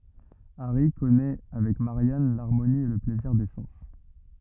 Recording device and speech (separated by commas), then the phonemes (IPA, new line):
rigid in-ear microphone, read sentence
aʁi kɔnɛ avɛk maʁjan laʁmoni e lə plɛziʁ de sɑ̃s